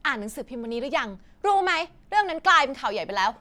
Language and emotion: Thai, angry